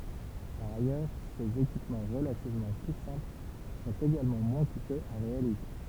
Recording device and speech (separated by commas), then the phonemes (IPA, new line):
temple vibration pickup, read sentence
paʁ ajœʁ sez ekipmɑ̃ ʁəlativmɑ̃ ply sɛ̃pl sɔ̃t eɡalmɑ̃ mwɛ̃ kutøz a ʁealize